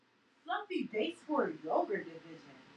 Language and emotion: English, disgusted